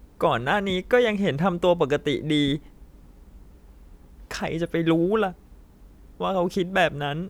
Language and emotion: Thai, sad